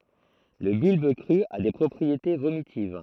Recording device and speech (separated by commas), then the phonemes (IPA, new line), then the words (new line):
throat microphone, read sentence
lə bylb kʁy a de pʁɔpʁiete vomitiv
Le bulbe cru a des propriétés vomitives.